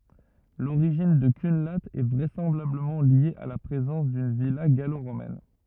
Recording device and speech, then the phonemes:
rigid in-ear microphone, read sentence
loʁiʒin də kœ̃la ɛ vʁɛsɑ̃blabləmɑ̃ lje a la pʁezɑ̃s dyn vila ɡaloʁomɛn

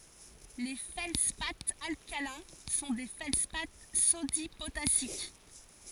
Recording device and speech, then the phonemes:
forehead accelerometer, read sentence
le fɛldspaz alkalɛ̃ sɔ̃ de fɛldspa sodi potasik

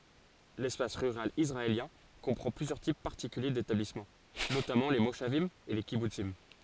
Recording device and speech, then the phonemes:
forehead accelerometer, read sentence
lɛspas ʁyʁal isʁaeljɛ̃ kɔ̃pʁɑ̃ plyzjœʁ tip paʁtikylje detablismɑ̃ notamɑ̃ le moʃavim e le kibutsim

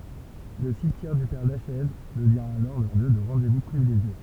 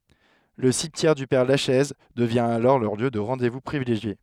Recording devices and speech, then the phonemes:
temple vibration pickup, headset microphone, read sentence
lə simtjɛʁ dy pɛʁ laʃɛz dəvjɛ̃ alɔʁ lœʁ ljø də ʁɑ̃de vu pʁivileʒje

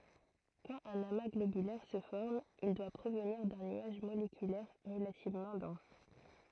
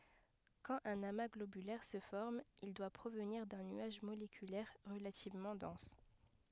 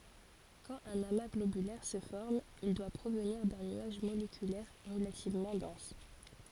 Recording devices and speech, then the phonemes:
throat microphone, headset microphone, forehead accelerometer, read sentence
kɑ̃t œ̃n ama ɡlobylɛʁ sə fɔʁm il dwa pʁovniʁ dœ̃ nyaʒ molekylɛʁ ʁəlativmɑ̃ dɑ̃s

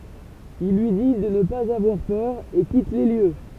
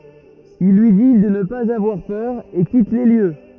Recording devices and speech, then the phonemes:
temple vibration pickup, rigid in-ear microphone, read sentence
il lyi di də nə paz avwaʁ pœʁ e kit le ljø

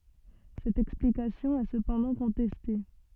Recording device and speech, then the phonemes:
soft in-ear microphone, read sentence
sɛt ɛksplikasjɔ̃ ɛ səpɑ̃dɑ̃ kɔ̃tɛste

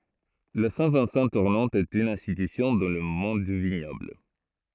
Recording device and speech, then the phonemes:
throat microphone, read sentence
la sɛ̃ vɛ̃sɑ̃ tuʁnɑ̃t ɛt yn ɛ̃stitysjɔ̃ dɑ̃ lə mɔ̃d dy viɲɔbl

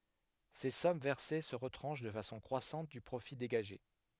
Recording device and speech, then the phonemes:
headset microphone, read sentence
se sɔm vɛʁse sə ʁətʁɑ̃ʃ də fasɔ̃ kʁwasɑ̃t dy pʁofi deɡaʒe

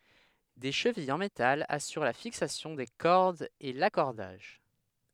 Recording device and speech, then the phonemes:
headset microphone, read sentence
de ʃəvijz ɑ̃ metal asyʁ la fiksasjɔ̃ de kɔʁdz e lakɔʁdaʒ

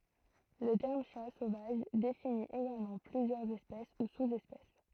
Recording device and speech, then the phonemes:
throat microphone, read sentence
lə tɛʁm ʃa sovaʒ defini eɡalmɑ̃ plyzjœʁz ɛspɛs u suz ɛspɛs

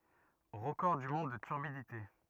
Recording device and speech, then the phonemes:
rigid in-ear microphone, read sentence
ʁəkɔʁ dy mɔ̃d də tyʁbidite

